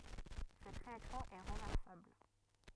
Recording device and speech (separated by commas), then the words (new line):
rigid in-ear microphone, read sentence
Cette réaction est renversable.